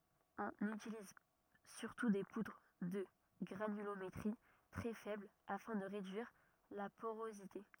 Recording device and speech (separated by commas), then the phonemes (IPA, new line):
rigid in-ear microphone, read sentence
ɔ̃n ytiliz syʁtu de pudʁ də ɡʁanylometʁi tʁɛ fɛbl afɛ̃ də ʁedyiʁ la poʁozite